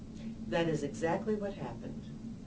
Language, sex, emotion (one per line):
English
female
neutral